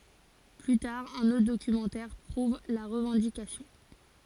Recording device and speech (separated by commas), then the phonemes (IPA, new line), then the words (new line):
forehead accelerometer, read sentence
ply taʁ œ̃n otʁ dokymɑ̃tɛʁ pʁuv la ʁəvɑ̃dikasjɔ̃
Plus tard, un autre documentaire prouvent la revendication.